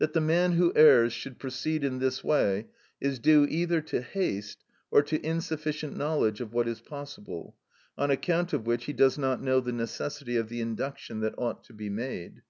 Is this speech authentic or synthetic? authentic